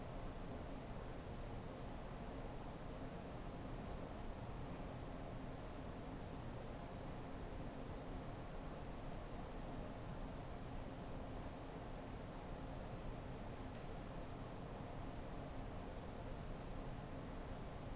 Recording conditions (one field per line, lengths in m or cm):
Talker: no one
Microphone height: 1.1 m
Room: small (3.7 m by 2.7 m)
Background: none